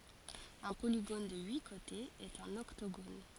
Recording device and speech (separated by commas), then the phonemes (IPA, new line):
forehead accelerometer, read sentence
œ̃ poliɡon də yi kotez ɛt œ̃n ɔktoɡon